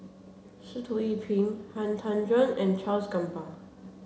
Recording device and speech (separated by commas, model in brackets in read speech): mobile phone (Samsung C7), read sentence